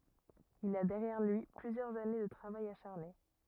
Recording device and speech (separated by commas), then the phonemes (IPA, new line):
rigid in-ear microphone, read sentence
il a dɛʁjɛʁ lyi plyzjœʁz ane də tʁavaj aʃaʁne